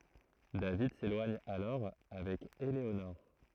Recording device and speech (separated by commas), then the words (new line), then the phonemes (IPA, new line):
throat microphone, read sentence
David s'éloigne alors avec Eléonore.
david selwaɲ alɔʁ avɛk eleonɔʁ